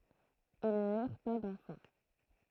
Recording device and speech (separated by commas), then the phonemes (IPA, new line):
throat microphone, read sentence
il nyʁ pa dɑ̃fɑ̃